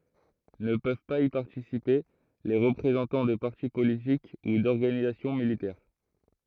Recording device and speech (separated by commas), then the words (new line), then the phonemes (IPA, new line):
throat microphone, read sentence
Ne peuvent pas y participer les représentant de parti politique ou d'organisation militaire.
nə pøv paz i paʁtisipe le ʁəpʁezɑ̃tɑ̃ də paʁti politik u dɔʁɡanizasjɔ̃ militɛʁ